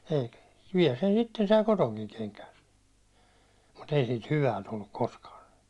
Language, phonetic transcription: Finnish, eikᴀ̈ , viɛl sen 'sitten sai "kotoŋkiŋ keŋkään̬ , mu't ‿ei sit "hyvä 'tulluk 'koskaa .
- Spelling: eikä vielä sen sitten sai kotoakin kenkään mutta ei siitä hyvä tullut koskaan

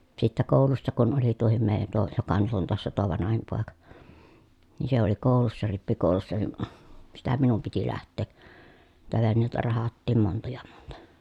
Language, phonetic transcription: Finnish, sittä kòulussa kun oli tuohim mèi̮jän tuo , joka nyt ‿on toassa tuo vanahim pòeka , ni se ‿oli kòu̬lussa rippikòu̬lussa ni , sitä minum piti läht̆tee , niitä vennèi̮tä rahattiim monta ja montA .
- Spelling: sitten koulussa kun oli tuokin meidän tuo joka nyt on taassa tuo vanhin poika niin se oli koulussa rippikoulussa niin sitä minun piti lähteä niitä veneitä rahdattiin monta ja monta

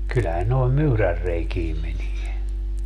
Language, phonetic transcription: Finnish, kyllähän noi̮m "myyrärreikiim 'menie .
- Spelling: kyllähän noihin myyränreikiin menee

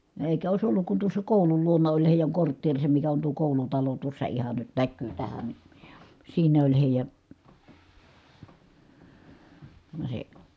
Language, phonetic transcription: Finnish, èi̮kä òis olluk kun tuossa kòulul luona oĺ hèijäŋ kortteerisem mikä on tuo kòulutalo tuossa ihan nyt näkkyy tähän ni , siinä oĺ hèijä , (no) se ,.
- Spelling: eikä olisi ollut kun tuossa koulun luona oli heidän kortteerinsa mikä on tuo koulutalo tuossa ihan nyt näkyy tähän niin siinä oli heidän no se

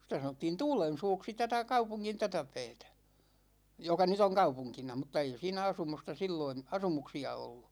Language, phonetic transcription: Finnish, sⁱtä 'sanottiin "Tuulen̬suuksi 'tätä 'kaupuŋŋin 'tätä 'pɛɛtä , 'joka 'nyt ‿oŋ "kaupuŋkina mᵘt̆ta 'ei 'siinä 'asumusta 'silloin̬ , 'asumuksi₍a ollu .
- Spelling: sitä sanottiin Tuulensuuksi tätä kaupungin tätä päätä joka nyt on kaupunkina mutta ei siinä asumusta silloin asumuksia ollut

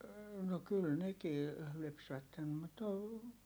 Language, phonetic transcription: Finnish, no kyl nekii , lypsvättem mut ‿o ,.
- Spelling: no kyllä nekin lypsävät mutta -

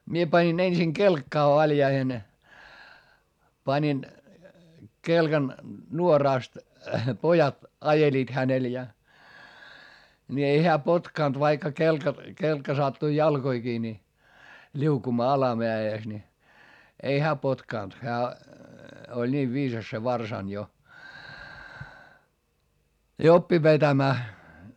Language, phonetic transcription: Finnish, mie pańin ensiŋ kelkkaa valjaihen , pańin , kelkan nuoràst , pojat ajeliit hänel ja , ni ei heä potkànt vaikka kelka , kelkka sattui jalkoikii ni , ĺiukumaa alameä₍ès ni , ei hää potkànt hää , oĺ niiv viisas se varsań jo , ja oppi vetämää .
- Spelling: minä panin ensin kelkkaan valjaisiin panin kelkan nuorasta pojat ajelivat hänellä ja niin ei hän potkinut vaikka kelkka kelkka sattui jalkoihinkin niin liukumaan alamäessä niin ei hän potkinut hän oli niin viisas se varsana jo ja oppi vetämään

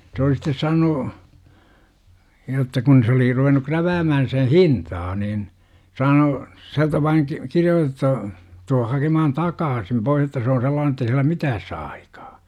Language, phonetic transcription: Finnish, se oli sitte 'saanu , jotta kun se oli 'ruven̆nu 'kräväämähän̬ sen̬ "hintaa niin , 'saanu , siältä vaiŋ ki - "kiri₍ootettu , tuuh » 'hakcmahan "takaasim 'Bois että se oo 'sellaan ‿ettei sillä "mitääs saa 'aikAA .
- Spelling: se oli sitten saanut jotta kun se oli ruvennut kräväämään sen hintaa niin saanut sieltä vain - kirjoitettu tule hakemaan takaisin pois että se on sellainen että ei sillä mitään saa aikaan

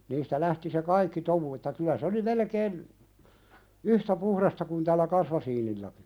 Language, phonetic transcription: Finnish, niistä 'lähti se "kaikki 'tomu että kylä se oli 'melekeen , "yhtä 'puhrasta kun tällä 'kasmasiinillaki .
- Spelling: niistä lähti se kaikki tomu että kyllä se oli melkein yhtä puhdasta kuin tällä kasmasiinillakin

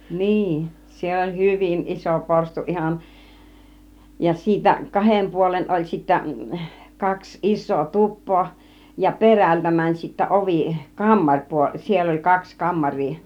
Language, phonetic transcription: Finnish, 'niin , 'siellä oĺ "hyvin "iso 'porstuˀ 'ˀihan , ja siitä 'kahem 'puolen oĺ sittä , 'kaks "is̆soo 'tup̆poo , ja "perältä mäń sittä 'ovi , 'kammaŕpuoĺ , 'siell ‿oĺ 'kaks 'kammaŕ̆rii .
- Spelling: niin siellä oli hyvin iso porstua ihan ja siitä kahden puolen oli sitten kaksi isoa tupaa ja perältä meni sitten ovi kammaripuoli siellä oli kaksi kammaria

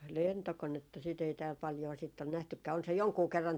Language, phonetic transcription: Finnish, "lentokonetta sit ‿ei tääl paljoo sitt ‿on 'nähtykkää , on se 'joŋkuu 'kerran .
- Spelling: lentokonetta sitä ei täällä paljoa sitten ole nähtykään on se jonkun kerran

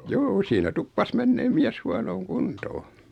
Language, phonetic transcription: Finnish, 'juu₍'u siinä 'tuppas "menneem 'miäs 'huanooŋ "kuntoo .
- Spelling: juu siinä tuppasi menemään mies huonoon kuntoon

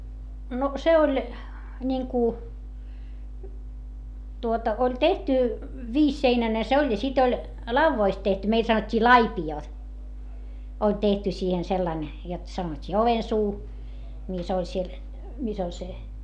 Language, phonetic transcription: Finnish, no , se oĺ , ńiŋku , tuota , oĺ tehty , viisseinäne se oĺ ja sit ‿oĺ , lauvvoist tehty - meil sanot́t́ii laipi₍òt , oĺ tehty siihen sellan , jot sanot́t́ii ovensuu , mis ‿oĺ siel , mis ‿oĺ se ,.
- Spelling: no se oli niin kuin tuota oli tehty viisiseinäinen se oli ja sitten oli laudoista tehty meillä sanottiin laipiot oli tehty siihen sillä lailla jotta sanottiin ovensuu missä oli siellä missä oli se

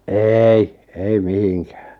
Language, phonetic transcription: Finnish, eei , 'ei "mihiŋkᴀ̈ᴀ̈ .
- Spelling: ei ei mihinkään

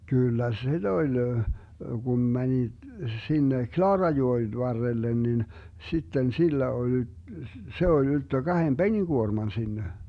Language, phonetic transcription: Finnish, 'kỳllä 'si"D ‿oĺ , 'gum 'mäni , 'sinne "Klaarajoen 'varrellen nin , 'sitten 'sillä ol ‿y- , 'se oĺ 'ylttö 'Gahem "Beni'Guorman 'sinne .
- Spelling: kyllä sitä oli kun meni sinne Klaarajoen varrelle niin sitten sillä oli - se oli ylttö kahden penikuorman sinne

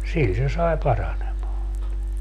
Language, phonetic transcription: Finnish, 'sil se 'sai 'paranemaa(n ne) .
- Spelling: sillä se sai paranemaan ne

